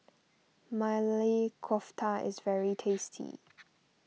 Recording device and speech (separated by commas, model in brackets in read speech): mobile phone (iPhone 6), read sentence